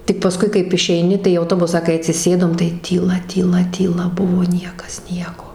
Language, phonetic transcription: Lithuanian, tik paˈskui kaip išeiˈni tai į auˈtobusą kai atsiˈsėdom tai tyˈla tyˈla tyˈla ˈbuvo ˈniekas ˈnieko

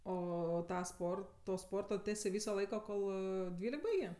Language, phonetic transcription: Lithuanian, ˈo ˈtą ˈsporto to ˈsporto ˈtesė ˈvyso ˈlaiko ˈkol ˈdvylek ˈbaigė

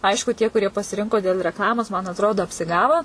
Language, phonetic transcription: Lithuanian, ˈaišku tie kuˈrie pasiˈrinko dėl rekˈlamos man atˈrodo apsiˈgavo

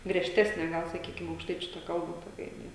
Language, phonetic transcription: Lithuanian, griežˈtesne ˈgal saˈkykim aukšˈtaičiu ta ˈkalba toˈkia jiˈnai

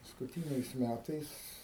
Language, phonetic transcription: Lithuanian, paskuˈtyniais ˈmætais

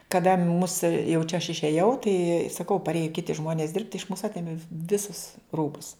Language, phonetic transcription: Lithuanian, kaˈda mus jau čia aš išėˈjau tai saˈkau parˈėja ˈkiti ˈžmonės dirbt iš mūs ˈatėmė ˈvisus ˈrūbus

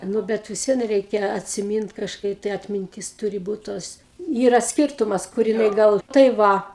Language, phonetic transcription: Lithuanian, ˈnu ˈbet vis ˈvien ˈreikia atsiˈmynt kažˈkai tai atminˈtis ˈtūri ˈbūt tos ˈyra ˈskirtumas kur jiˈnai ˈgal tai ˈva

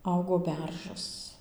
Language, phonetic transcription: Lithuanian, ˈaugo ˈberžas

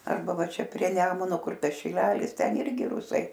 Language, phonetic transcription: Lithuanian, arˈba ˈva ˈčia prie ˈnemuno ˈkur ˈtas šiˈlelis ˈten ˈirgi ˈrusai

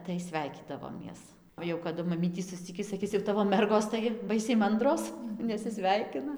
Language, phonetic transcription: Lithuanian, tai ˈsvæikydavomies o jau kaˈdu maˈmytį susˈcikį saˈkis jau ˈtavo ˈmergos tai ˈbaisiai ˈmandros nesiˈsveikina

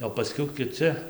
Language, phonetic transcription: Lithuanian, o paˈskiau kiˈci

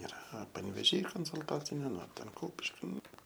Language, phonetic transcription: Lithuanian, iˈra panvėˈžy konsulˈtacinė nu ˈten ˈkupiški ˈnu

